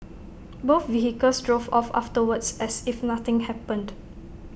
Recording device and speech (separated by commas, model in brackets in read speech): boundary microphone (BM630), read sentence